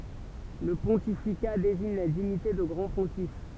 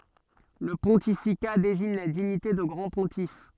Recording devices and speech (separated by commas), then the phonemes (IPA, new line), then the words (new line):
temple vibration pickup, soft in-ear microphone, read sentence
lə pɔ̃tifika deziɲ la diɲite də ɡʁɑ̃ə pɔ̃tif
Le pontificat désigne la dignité de grand pontife.